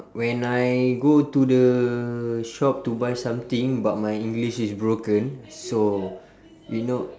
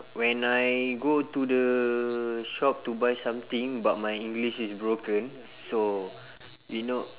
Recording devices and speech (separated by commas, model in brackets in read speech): standing microphone, telephone, conversation in separate rooms